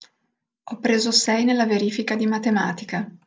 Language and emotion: Italian, neutral